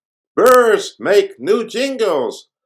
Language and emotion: English, happy